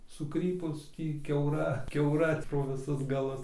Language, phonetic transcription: Lithuanian, suˈkrypus ˈtį kiauˈra kiauˈra pro viˈsus gaˈlus

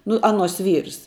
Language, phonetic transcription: Lithuanian, ˈnu ˈanuos ˈvyrs

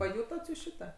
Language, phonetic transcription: Lithuanian, paˈjutot jūs ˈšita

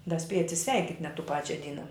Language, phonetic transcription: Lithuanian, da ˈspieja atsiˈsveikit' net tų ˈpačia ˈdyna

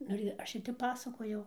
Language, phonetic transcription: Lithuanian, ˈnu ir ˈaš ir ˈtep ˈpasakojau

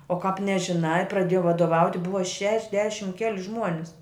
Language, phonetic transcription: Lithuanian, o kāp nežiˈnai praˈdėjau vadoˈvauti ˈbuva šešˈdešim ˈkeli ˈžmuonis

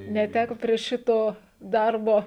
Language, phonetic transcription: Lithuanian, neˈtæko prie ˈšito ˈdarbo

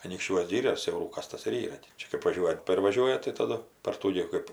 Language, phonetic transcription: Lithuanian, anykšˈčiuos ˈgyrios siauˈrūkas ˈtas ir ˈyra ti ˈčia kɜp vaˈžiuoja ˈtėp ir vaˈžiuoja tai taˈdu par ˈtų gi ˈkɜp

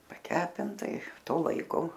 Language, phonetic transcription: Lithuanian, paˈkepinta i ˈto ˈlaiko

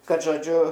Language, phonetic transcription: Lithuanian, ˈkad žoˈdžiu

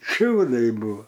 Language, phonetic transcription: Lithuanian, ˈšiūdaiˈbuvo

